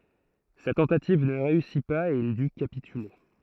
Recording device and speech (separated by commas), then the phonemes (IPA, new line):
throat microphone, read sentence
sa tɑ̃tativ nə ʁeysi paz e il dy kapityle